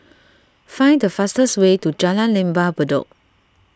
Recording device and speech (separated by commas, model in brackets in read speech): standing microphone (AKG C214), read sentence